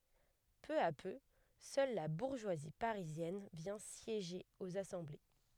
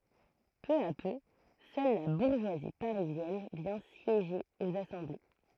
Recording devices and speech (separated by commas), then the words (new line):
headset microphone, throat microphone, read sentence
Peu à peu, seule la bourgeoisie parisienne vient siéger aux assemblées.